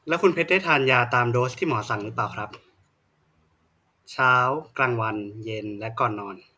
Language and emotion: Thai, neutral